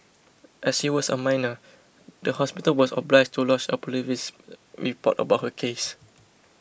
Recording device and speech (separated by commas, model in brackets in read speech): boundary microphone (BM630), read sentence